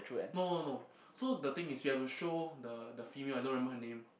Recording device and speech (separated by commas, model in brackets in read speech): boundary microphone, conversation in the same room